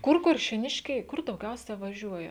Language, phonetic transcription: Lithuanian, ˈkur kuršėˈniškiai ˈkur dauˈgiausia vaˈžiuoja

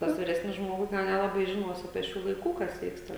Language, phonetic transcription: Lithuanian, ˈtas viˈresnis ˈžmogus ten ˈnelabai žiˈnuos apie ˈšių laiˈkų kas ˈvyksta

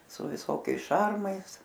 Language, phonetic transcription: Lithuanian, su viˈsokiais ˈšarmais

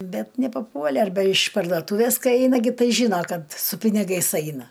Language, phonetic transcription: Lithuanian, ˈbet nepaˈpuole arˈbe iš pardoˈtūves ˈkai ˈeina gi ˈtai ˈžyna ˈkad su piniˈgais ˈaina

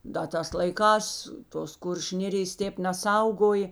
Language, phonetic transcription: Lithuanian, da ˈtās laiˈkās tos ˈkuršiu ˈnėrijas ˈtėp neˈsaugoj

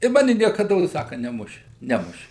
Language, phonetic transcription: Lithuanian, i ˈmani niekaˈdos ˈsaka neˈmuši ˈnemuši

